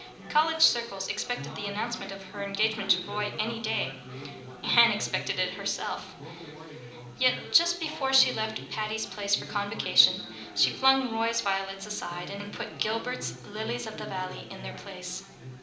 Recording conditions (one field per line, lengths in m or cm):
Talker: one person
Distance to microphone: 2.0 m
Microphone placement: close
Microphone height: 99 cm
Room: medium-sized (5.7 m by 4.0 m)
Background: babble